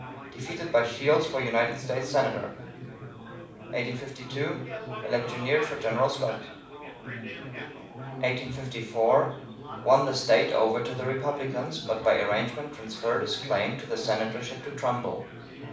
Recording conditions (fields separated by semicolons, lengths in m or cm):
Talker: one person; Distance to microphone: 5.8 m; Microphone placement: far; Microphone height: 1.8 m; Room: medium-sized (5.7 m by 4.0 m); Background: babble